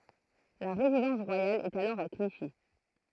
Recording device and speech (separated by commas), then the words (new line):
throat microphone, read sentence
La résidence royale est alors à Clichy.